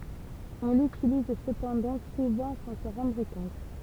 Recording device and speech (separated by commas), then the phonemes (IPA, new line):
temple vibration pickup, read sentence
ɔ̃ lytiliz səpɑ̃dɑ̃ suvɑ̃ sɑ̃ sɑ̃ ʁɑ̃dʁ kɔ̃t